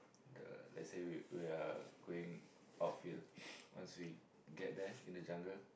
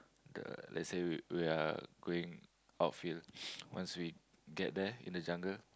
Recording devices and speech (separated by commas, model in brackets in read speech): boundary microphone, close-talking microphone, conversation in the same room